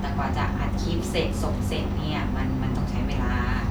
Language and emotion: Thai, frustrated